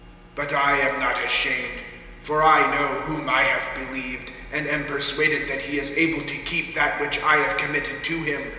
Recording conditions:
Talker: one person; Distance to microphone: 1.7 m; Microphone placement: close; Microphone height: 1.0 m; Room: very reverberant, large; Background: none

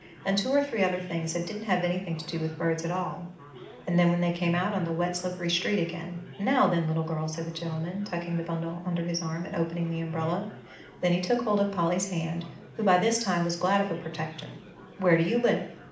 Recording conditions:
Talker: one person; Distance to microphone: 2.0 m; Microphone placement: close; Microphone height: 99 cm; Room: medium-sized (5.7 m by 4.0 m); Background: babble

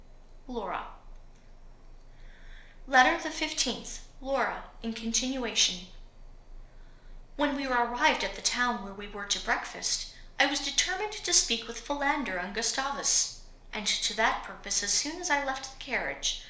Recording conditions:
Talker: one person; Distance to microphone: 1.0 m; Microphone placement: close; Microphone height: 1.1 m; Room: small (3.7 m by 2.7 m); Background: none

